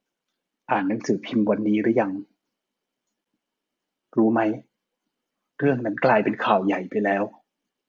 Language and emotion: Thai, frustrated